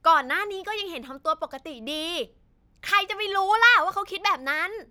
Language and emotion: Thai, angry